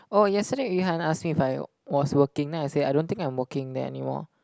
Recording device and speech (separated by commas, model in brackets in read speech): close-talking microphone, conversation in the same room